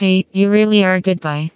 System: TTS, vocoder